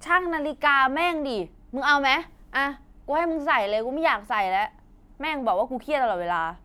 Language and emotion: Thai, frustrated